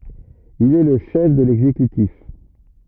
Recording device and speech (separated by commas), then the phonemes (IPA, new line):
rigid in-ear microphone, read sentence
il ɛ lə ʃɛf də lɛɡzekytif